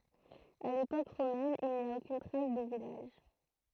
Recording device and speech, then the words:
throat microphone, read sentence
À l’époque romaine, il n'y a aucune trace de village.

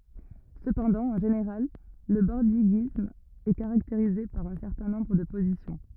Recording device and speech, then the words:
rigid in-ear microphone, read sentence
Cependant, en général, le bordiguisme est caractérisé par un certain nombre de positions.

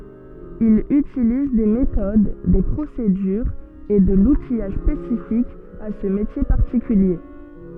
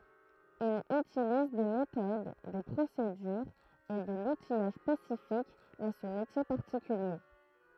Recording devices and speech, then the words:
soft in-ear microphone, throat microphone, read sentence
Il utilise des méthodes, des procédures et de l'outillage spécifique à ce métier particulier.

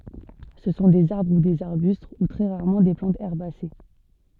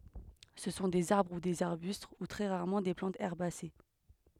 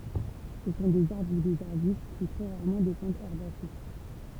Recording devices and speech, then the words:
soft in-ear microphone, headset microphone, temple vibration pickup, read sentence
Ce sont des arbres ou des arbustes, ou très rarement des plantes herbacées.

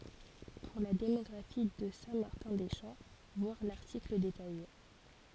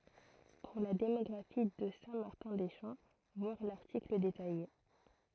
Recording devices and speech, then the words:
forehead accelerometer, throat microphone, read sentence
Pour la démographie de Saint-Martin-des-Champs, voir l'article détaillé.

